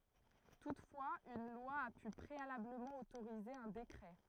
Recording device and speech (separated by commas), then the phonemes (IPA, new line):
throat microphone, read sentence
tutfwaz yn lwa a py pʁealabləmɑ̃ otoʁize œ̃ dekʁɛ